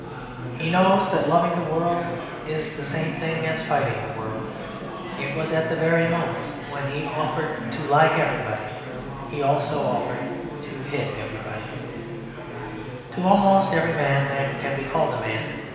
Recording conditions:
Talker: one person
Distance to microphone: 1.7 m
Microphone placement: close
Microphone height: 1.0 m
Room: very reverberant, large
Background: babble

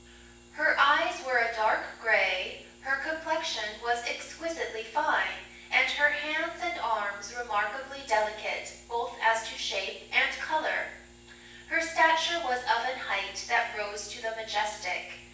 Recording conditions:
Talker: one person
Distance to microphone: 9.8 m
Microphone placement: far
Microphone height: 1.8 m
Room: large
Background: none

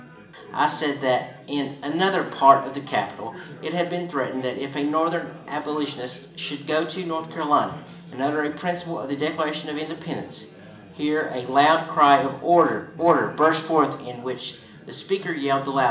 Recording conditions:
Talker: one person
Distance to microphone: 1.8 m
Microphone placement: close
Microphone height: 1.0 m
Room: large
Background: babble

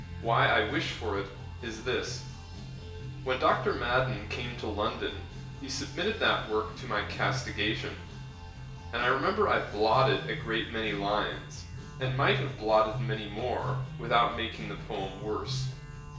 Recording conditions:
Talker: one person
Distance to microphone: 1.8 m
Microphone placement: close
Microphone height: 1.0 m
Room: large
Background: music

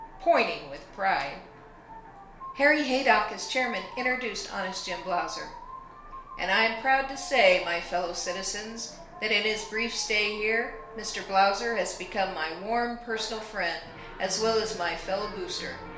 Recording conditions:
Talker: one person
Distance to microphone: 1.0 m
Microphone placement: close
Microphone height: 1.1 m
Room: small (3.7 m by 2.7 m)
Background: television

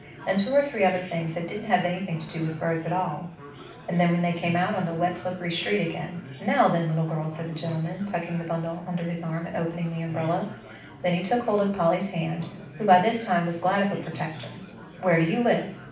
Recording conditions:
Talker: one person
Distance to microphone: 5.8 m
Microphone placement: far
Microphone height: 1.8 m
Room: medium-sized (5.7 m by 4.0 m)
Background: babble

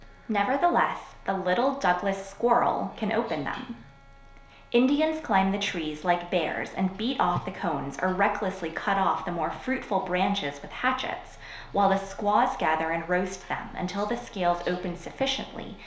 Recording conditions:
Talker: one person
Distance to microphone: 1.0 m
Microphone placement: close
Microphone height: 1.1 m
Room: small (3.7 m by 2.7 m)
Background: television

